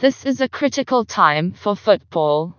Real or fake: fake